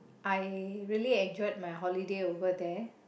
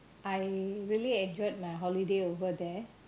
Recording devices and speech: boundary microphone, close-talking microphone, conversation in the same room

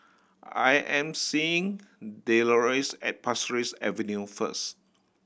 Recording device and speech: boundary microphone (BM630), read sentence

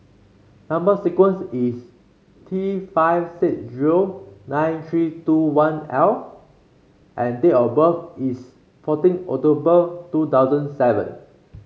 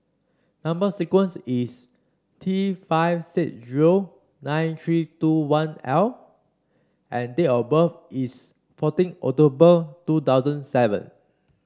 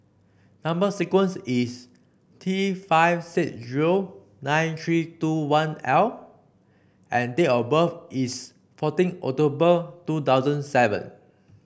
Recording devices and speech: mobile phone (Samsung C5), standing microphone (AKG C214), boundary microphone (BM630), read sentence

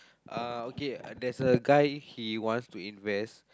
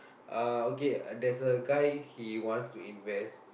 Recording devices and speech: close-talking microphone, boundary microphone, conversation in the same room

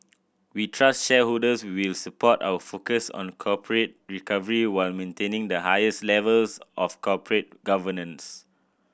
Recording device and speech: boundary microphone (BM630), read sentence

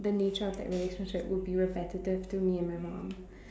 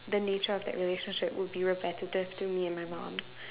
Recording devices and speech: standing microphone, telephone, conversation in separate rooms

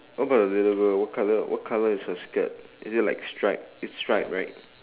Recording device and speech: telephone, conversation in separate rooms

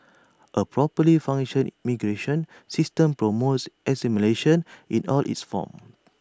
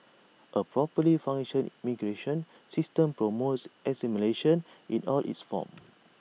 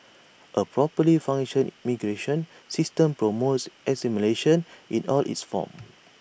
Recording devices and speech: standing microphone (AKG C214), mobile phone (iPhone 6), boundary microphone (BM630), read sentence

